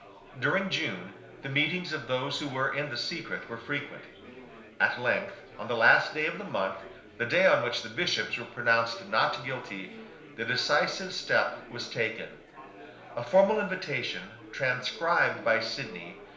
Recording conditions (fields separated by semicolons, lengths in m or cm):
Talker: one person; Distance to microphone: 1.0 m; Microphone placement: close; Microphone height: 1.1 m; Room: small (3.7 m by 2.7 m); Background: babble